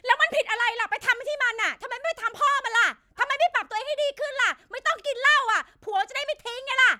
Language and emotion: Thai, angry